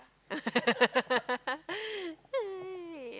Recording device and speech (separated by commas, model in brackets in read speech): close-talking microphone, conversation in the same room